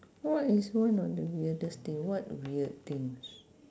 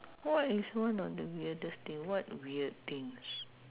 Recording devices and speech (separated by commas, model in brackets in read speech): standing microphone, telephone, conversation in separate rooms